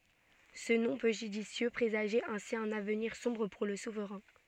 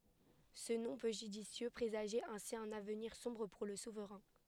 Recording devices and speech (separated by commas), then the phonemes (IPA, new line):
soft in-ear microphone, headset microphone, read sentence
sə nɔ̃ pø ʒydisjø pʁezaʒɛt ɛ̃si œ̃n avniʁ sɔ̃bʁ puʁ lə suvʁɛ̃